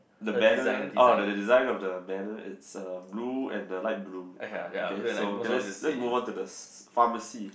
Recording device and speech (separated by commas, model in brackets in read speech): boundary microphone, conversation in the same room